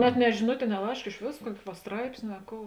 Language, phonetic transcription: Lithuanian, net ne žiˈnutė i ne ˈlaišk iš ˈvės ˈkuoki va ˈstraipsni a ˈkou

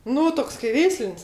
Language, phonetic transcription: Lithuanian, ˈnu ˈtoks kai ˈveislin's'

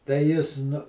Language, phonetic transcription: Lithuanian, tai ˈjis ˈnu

